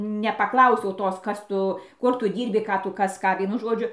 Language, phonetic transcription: Lithuanian, nepaˈklausiau ˈtos ˈkas ˈtu ˈkur ˈtu ˈdyrbi ˈką ˈtu ˈkas ˈką ˈvienu ˈžodžiu

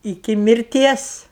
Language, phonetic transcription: Lithuanian, iˈki mirˈties

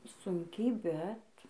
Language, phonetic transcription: Lithuanian, ˈsunkiai ˈbet

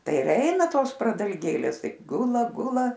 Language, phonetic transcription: Lithuanian, ˈtai ir ˈeina ˈtos pradalˈgėlės ˈtaip ˈgula ˈgula

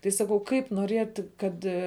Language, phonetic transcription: Lithuanian, tai ˈsakau ˈkaip noˈrėt' ˈkad

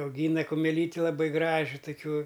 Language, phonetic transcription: Lithuanian, auˈgyna kumeˈlyti laˈbɨ ˈgraži tuˈkiuo

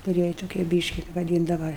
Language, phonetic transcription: Lithuanian, kuˈriej toˈkie ˈbyški vaˈdyndava

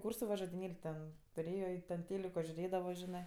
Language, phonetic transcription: Lithuanian, ˈkūrsu va žodinėl' ten tuˈrėjo i ˈten ˈtėliko žiuˈrėdavo ˈžinɜ

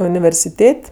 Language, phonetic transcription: Lithuanian, universiˈtėt'

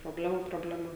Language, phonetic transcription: Lithuanian, proˈblemų probleˈma

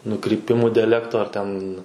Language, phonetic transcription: Lithuanian, nukryˈpimų diaˈlekto ar ˈten

